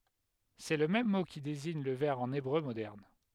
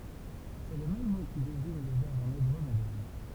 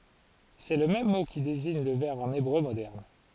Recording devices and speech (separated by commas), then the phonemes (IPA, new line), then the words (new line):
headset microphone, temple vibration pickup, forehead accelerometer, read sentence
sɛ lə mɛm mo ki deziɲ lə vɛʁ ɑ̃n ebʁø modɛʁn
C'est le même mot qui désigne le verre en hébreu moderne.